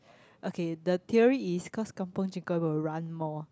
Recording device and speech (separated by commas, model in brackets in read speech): close-talking microphone, conversation in the same room